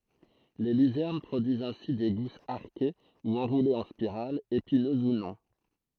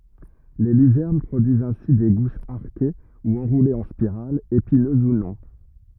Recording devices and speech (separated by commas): throat microphone, rigid in-ear microphone, read sentence